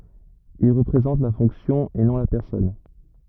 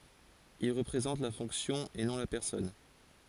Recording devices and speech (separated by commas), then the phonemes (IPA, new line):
rigid in-ear microphone, forehead accelerometer, read sentence
il ʁəpʁezɑ̃t la fɔ̃ksjɔ̃ e nɔ̃ la pɛʁsɔn